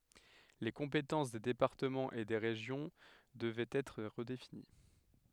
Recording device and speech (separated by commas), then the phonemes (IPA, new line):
headset microphone, read sentence
le kɔ̃petɑ̃s de depaʁtəmɑ̃z e de ʁeʒjɔ̃ dəvɛt ɛtʁ ʁədefini